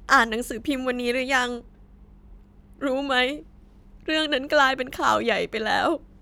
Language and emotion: Thai, sad